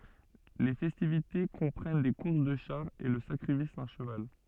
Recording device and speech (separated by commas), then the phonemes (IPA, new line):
soft in-ear microphone, read sentence
le fɛstivite kɔ̃pʁɛn de kuʁs də ʃaʁz e lə sakʁifis dœ̃ ʃəval